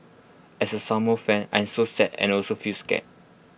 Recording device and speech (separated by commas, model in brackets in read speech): boundary microphone (BM630), read sentence